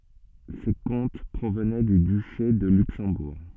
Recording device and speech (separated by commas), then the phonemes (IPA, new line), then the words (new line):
soft in-ear microphone, read sentence
se kɔ̃t pʁovnɛ dy dyʃe də lyksɑ̃buʁ
Ces comtes provenaient du duché de Luxembourg.